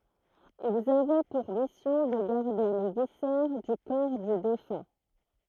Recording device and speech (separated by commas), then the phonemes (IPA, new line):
throat microphone, read sentence
ilz avɛ puʁ misjɔ̃ də ɡaʁde le visɛʁ dy kɔʁ dy defœ̃